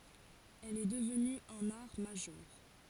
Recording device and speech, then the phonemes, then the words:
forehead accelerometer, read sentence
ɛl ɛ dəvny œ̃n aʁ maʒœʁ
Elle est devenue un art majeur.

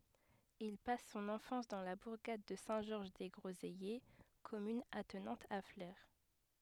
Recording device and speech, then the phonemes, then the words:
headset microphone, read sentence
il pas sɔ̃n ɑ̃fɑ̃s dɑ̃ la buʁɡad də sɛ̃ ʒɔʁʒ de ɡʁozɛje kɔmyn atnɑ̃t a fle
Il passe son enfance dans la bourgade de Saint-Georges-des-Groseillers, commune attenante à Flers.

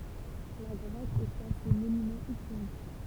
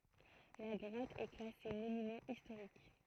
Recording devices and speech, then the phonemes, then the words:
temple vibration pickup, throat microphone, read sentence
la ɡʁɔt ɛ klase monymɑ̃ istoʁik
La grotte est classée monument historique.

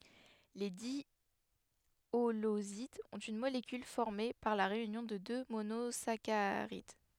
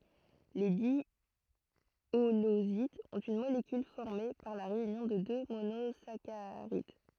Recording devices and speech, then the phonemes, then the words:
headset microphone, throat microphone, read sentence
le djolozidz ɔ̃t yn molekyl fɔʁme paʁ la ʁeynjɔ̃ də dø monozakaʁid
Les diholosides ont une molécule formée par la réunion de deux monosaccharides.

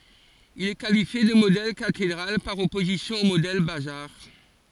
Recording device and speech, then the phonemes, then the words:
forehead accelerometer, read sentence
il ɛ kalifje də modɛl katedʁal paʁ ɔpozisjɔ̃ o modɛl bazaʁ
Il est qualifié de modèle cathédrale par opposition au modèle bazar.

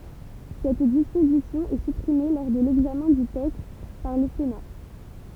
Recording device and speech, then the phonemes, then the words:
temple vibration pickup, read sentence
sɛt dispozisjɔ̃ ɛ sypʁime lɔʁ də lɛɡzamɛ̃ dy tɛkst paʁ lə sena
Cette disposition est supprimée lors de l'examen du texte par le Sénat.

